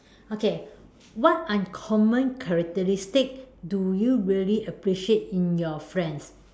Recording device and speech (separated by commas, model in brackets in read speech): standing microphone, conversation in separate rooms